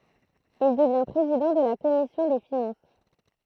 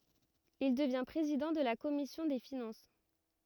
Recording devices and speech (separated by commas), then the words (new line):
throat microphone, rigid in-ear microphone, read sentence
Il devient président de la Commission des finances.